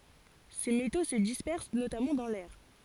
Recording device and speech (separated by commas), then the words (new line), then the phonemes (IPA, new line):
forehead accelerometer, read sentence
Ces métaux se dispersent notamment dans l'air.
se meto sə dispɛʁs notamɑ̃ dɑ̃ lɛʁ